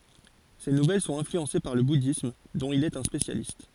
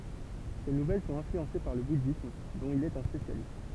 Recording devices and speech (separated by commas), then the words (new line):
forehead accelerometer, temple vibration pickup, read sentence
Ses nouvelles sont influencées par le bouddhisme, dont il est un spécialiste.